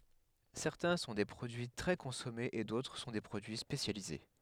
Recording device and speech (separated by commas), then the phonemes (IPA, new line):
headset microphone, read sentence
sɛʁtɛ̃ sɔ̃ de pʁodyi tʁɛ kɔ̃sɔmez e dotʁ sɔ̃ de pʁodyi spesjalize